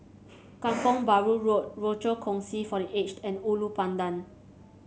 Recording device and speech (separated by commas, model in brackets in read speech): mobile phone (Samsung C7), read sentence